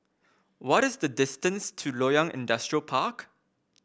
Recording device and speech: boundary microphone (BM630), read sentence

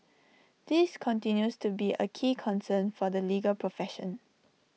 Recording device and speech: mobile phone (iPhone 6), read sentence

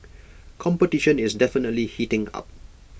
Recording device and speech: boundary microphone (BM630), read sentence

